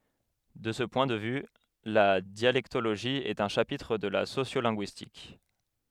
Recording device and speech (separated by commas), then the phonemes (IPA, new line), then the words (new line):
headset microphone, read sentence
də sə pwɛ̃ də vy la djalɛktoloʒi ɛt œ̃ ʃapitʁ də la sosjolɛ̃ɡyistik
De ce point de vue, la dialectologie est un chapitre de la sociolinguistique.